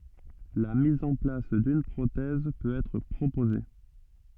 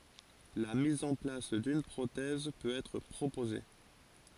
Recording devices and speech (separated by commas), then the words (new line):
soft in-ear microphone, forehead accelerometer, read sentence
La mise en place d'une prothèse peut être proposée.